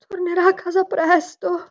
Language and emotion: Italian, fearful